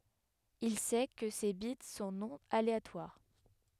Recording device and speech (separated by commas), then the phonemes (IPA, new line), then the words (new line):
headset microphone, read sentence
il sɛ kə se bit sɔ̃ nɔ̃ aleatwaʁ
Il sait que ces bits sont non aléatoires.